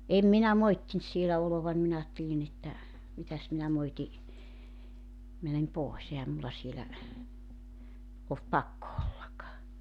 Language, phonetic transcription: Finnish, 'èm minä "moittint sielä 'olovan 'minä aattelin ‿että , 'mitäs minä 'moiti , 'mänem "pòes 'ehäm mulla 'sielä , olt "pakko 'ollak .
- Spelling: en minä moittinut siellä oloani minä ajattelin että mitäs minä moitin menen pois eihän minulla siellä ollut pakko olla

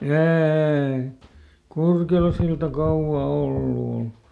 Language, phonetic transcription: Finnish, "eeeⁱ , ˈKurkelasilta "kauvvà ˈollu ol .
- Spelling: ei Kurkelansilta kauan ollut ole

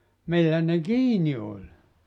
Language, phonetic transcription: Finnish, 'millä ne "kiini oĺ .
- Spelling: millä ne kiinni oli

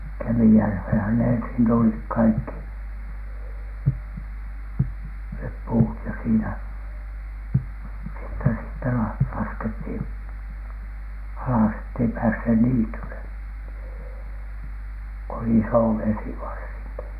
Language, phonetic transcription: Finnish, 'KemijärVhen̬hän ne ensin tulik "kaikki , 'nep "puut ja siinä , sitte siittä la- , 'laskethìn , "alas ettei pääshe "niityle , ko oli "isòvesi varsiŋki .
- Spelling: Kemijärveenhän ne ensin tuli kaikki ne puut ja siinä sitten siitä - laskettiin alas että ei päässeet niitylle kun oli isovesi varsinkin

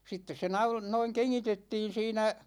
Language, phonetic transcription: Finnish, 'sittes se 'naul- , noiŋ 'keŋŋitettiin 'siinä ,.
- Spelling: sitten se - noin kengitettiin siinä

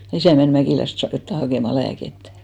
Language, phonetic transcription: Finnish, (ja) 'isä̀ men 'Mäkìläst (saak) jotta 'hakèma "lääkettᴀ̈ .
- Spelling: ja isä meni Mäkilästä saakka jotakin hakemaan lääkettä

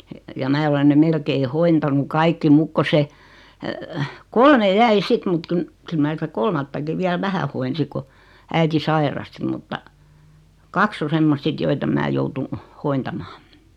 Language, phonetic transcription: Finnish, ja 'mää olen ne 'melkei "hointanu 'kaikki 'muk ko 'se , "kolme 'jäi 'sit mut kun , kyl 'mä sitä "kolmattaki viäl 'vähä hoinsi ku , 'äiti 'sairasti mutta , "kaks ‿o 'semmost 'sit joit ‿em 'mä joutun , "hointamaa .
- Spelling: ja minä olen ne melkein hoitanut kaikki mutta kun se kolme jäi sitten mutta kun kyllä minä sitä kolmattakin vielä vähän hoidin kun äiti sairasti mutta kaksi on semmoista sitten joita en minä joutunut hoitamaan

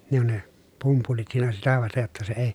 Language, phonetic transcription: Finnish, ne ‿on ne , pumpulit siinä sitä vastej jotta se ei ,.
- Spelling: ne on ne pumpulit siinä sitä vasten jotta se ei

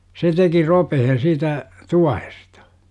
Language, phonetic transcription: Finnish, 'se teki "ropehen̬ siitä , "tuahestA .
- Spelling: se teki ropeen siitä tuohesta

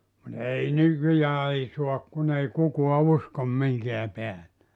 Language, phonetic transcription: Finnish, (mut) 'ei 'nykyjää ei 'suak kun ‿ei 'kukua "uskom 'miŋkeä 'peä(lle) .
- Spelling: mutta ei nykyään ei saa kun ei kukaan usko minkään päälle

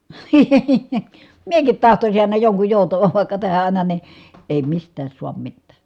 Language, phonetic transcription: Finnish, miekit tahtosin ài̮na joŋkuj jòutavav vài̮kka tähä àina ni , èi mist̀ääs suam mittää .
- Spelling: minäkin tahtoisin aina jonkun joutavan vaikka tähän aina niin ei mistään saa mitään

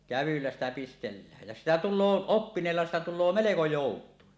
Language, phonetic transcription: Finnish, kävylläs ‿tä pistellääj jä 'sitä "tul̆loo , "oppineella 'sitä 'tulloo "meleko "jòut̀uin .
- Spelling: kävyllä sitä pistellään ja sitä tulee oppineella sitä tulee melko joutuin

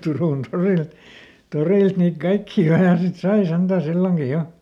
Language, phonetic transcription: Finnish, ˈTurùn ˈtoril , "torìlt niit ˈkaikkii ˈaina sit "sai ˈsentä̀ ˈsilloŋki ˈjo .
- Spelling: Turun torilla torilta niitä kaikkia aina sitten sai sentään silloinkin jo

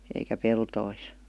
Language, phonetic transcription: Finnish, eikä 'peltois .
- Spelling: eikä peltoihin

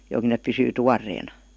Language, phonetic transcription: Finnish, (jok) neᵖ pysyy "tuar̀eena .
- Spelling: - ne pysyy tuoreena

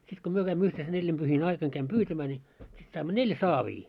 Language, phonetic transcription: Finnish, 'sit ko 'myö käimmö yhten se 'neĺĺimʙyhin 'aikan käim "pyytämää ńii , sit saimmo "neĺ saavii .
- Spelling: sitten kun me kävimme yhteen se neljäpyhien aikana kävin pyytämään niin sitten saimme neljä saavia

